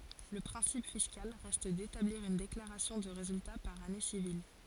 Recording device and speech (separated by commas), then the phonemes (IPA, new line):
forehead accelerometer, read sentence
lə pʁɛ̃sip fiskal ʁɛst detabliʁ yn deklaʁasjɔ̃ də ʁezylta paʁ ane sivil